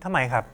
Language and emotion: Thai, frustrated